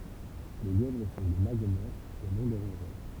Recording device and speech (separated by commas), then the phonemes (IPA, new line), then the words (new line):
temple vibration pickup, read sentence
le ljɛvʁ sɔ̃ de laɡomɔʁfz e nɔ̃ de ʁɔ̃ʒœʁ
Les lièvres sont des Lagomorphes et non des Rongeurs.